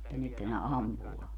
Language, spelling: Finnish, mutta nythän ne ampuu
- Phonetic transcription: [mut]ta 'nythä ne "ampu₍aa .

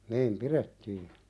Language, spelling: Finnish, niin pidettiin
- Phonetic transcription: niim "piðettii .

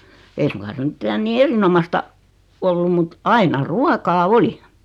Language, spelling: Finnish, ei suinkaan se mitään niin erinomaista ollut mutta aina ruokaa oli
- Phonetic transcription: 'ei suŋka se 'mⁱttä nii "erinomasta , 'ollum mut , 'aina "ruakaa "oli .

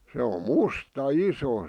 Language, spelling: Finnish, se on musta iso
- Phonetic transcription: se om̆ "musta "iso .

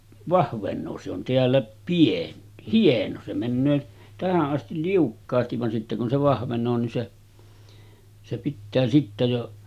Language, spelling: Finnish, vahvenee se on täällä - hieno se menee tähän asti liukkaasti vaan sitten kun se vahvenee niin se se pitää sitten jo
- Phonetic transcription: 'vahveǹoo se ‿on teällä , pien- , 'hieno se männöö , 'tähä’ ’astil 'liukkaastiv van sitte kun se vahveǹoo nin se , se 'pittää sittä jo ,.

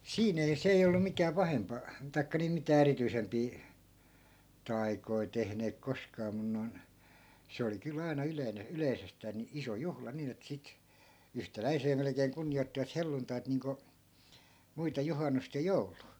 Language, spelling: Finnish, siinä ei se ei ollut mikään pahempaa tai niin mitään erityisempää taikoja tehneet koskaan mutta noin se oli kyllä aina yleinen yleisestään niin iso juhla niin että sitten yhtäläiseen melkein kunnioittivat helluntaita niin kuin muita juhannusta ja joulua
- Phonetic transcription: 'siin ‿ei , 'se ei 'ollu mikää 'pahempa , 'tai̮kka nii 'mitää "erityisempii , "tai̮koi tehneek 'koskaa 'mun noi̮n , 'se oli 'kyl ‿aina 'yleine , "yleisestää ni , 'iso 'juhla 'niin ‿et 'sit , "yhtäläisee melᵉkeeŋ 'kunniʲoittivat 'helluntait niiŋko , muita 'juhannust ja "jouluu .

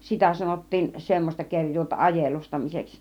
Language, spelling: Finnish, sitä sanottiin semmoista kerjuuta ajelustamiseksi
- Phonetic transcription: 'sitä sanot̀tiin , 'semmośta 'keŕj̆juuta 'ajelustamiseks .

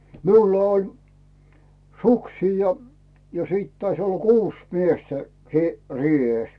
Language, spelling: Finnish, minulla oli suksia ja sitten taisi olla kuusi miestä - reessä
- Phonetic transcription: miulla oĺ , 'suksii ja , 'sìt tais olla "kuus 'miestä , sì- , 'rì₍ès .

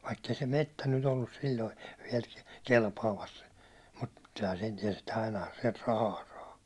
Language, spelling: Finnish, vaikka ei se metsä nyt ollut silloin vielä kelpaamassa mutta kyllähän sen tiesi että ainahan sieltä rahaa saa
- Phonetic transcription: vaikk ‿ei se "mettä nyt ‿ollus sil̜loi viɛl , 'kelpaamas , mut ky(l)hän 'sen tiɛs ‿että 'ainaha siɛlt "rahaa 'saa .

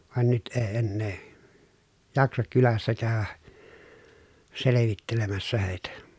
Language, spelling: Finnish, vaan nyt ei enää jaksa kylässä käydä selvittelemässä heitä
- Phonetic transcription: van nyt ee ennee , jaksak kylässä kä̀y̬vä , selevittelemässä hèi̮tä .

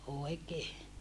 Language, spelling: Finnish, oikein
- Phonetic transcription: òi̮kee .

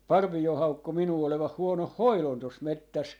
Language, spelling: Finnish, Parvio haukkui minua olevan huonon hoidon tuossa metsässä
- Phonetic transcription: "Parvi₍o 'haukku 'minuu olevah 'huonoh "hoilon 'tos "mettäs .

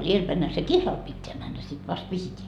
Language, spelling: Finnish, edelläpäinhän se kihlalle pitää mennä sitten vasta vihitään
- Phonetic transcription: 'ielpäinhä se 'kihlal pitteä männä sit vast 'vihiteä .

